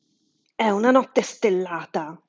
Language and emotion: Italian, angry